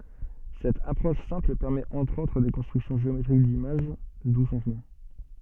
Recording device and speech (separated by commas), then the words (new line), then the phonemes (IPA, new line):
soft in-ear microphone, read sentence
Cette approche simple permet entre autres des constructions géométriques d’images, d’où son nom.
sɛt apʁɔʃ sɛ̃pl pɛʁmɛt ɑ̃tʁ otʁ de kɔ̃stʁyksjɔ̃ ʒeometʁik dimaʒ du sɔ̃ nɔ̃